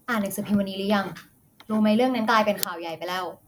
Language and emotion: Thai, neutral